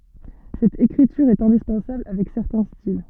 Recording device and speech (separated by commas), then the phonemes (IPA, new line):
soft in-ear microphone, read sentence
sɛt ekʁityʁ ɛt ɛ̃dispɑ̃sabl avɛk sɛʁtɛ̃ stil